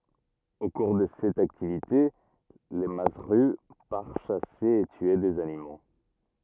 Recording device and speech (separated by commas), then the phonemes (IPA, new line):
rigid in-ear microphone, read sentence
o kuʁ də sɛt aktivite lə mazzʁy paʁ ʃase e tye dez animo